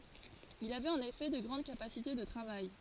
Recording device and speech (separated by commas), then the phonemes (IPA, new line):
forehead accelerometer, read sentence
il avɛt ɑ̃n efɛ də ɡʁɑ̃d kapasite də tʁavaj